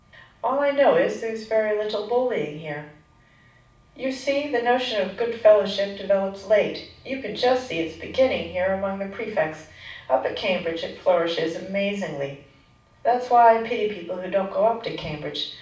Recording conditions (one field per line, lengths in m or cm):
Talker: one person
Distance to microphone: 5.8 m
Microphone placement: far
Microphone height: 1.8 m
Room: medium-sized (5.7 m by 4.0 m)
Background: none